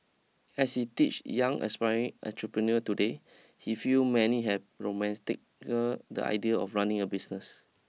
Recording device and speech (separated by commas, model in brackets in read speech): mobile phone (iPhone 6), read sentence